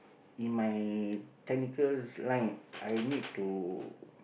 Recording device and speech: boundary microphone, conversation in the same room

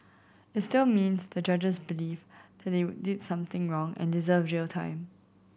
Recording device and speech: boundary microphone (BM630), read sentence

